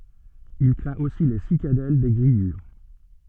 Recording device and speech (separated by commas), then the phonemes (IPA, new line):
soft in-ear microphone, read sentence
il kʁɛ̃t osi le sikadɛl de ɡʁijyʁ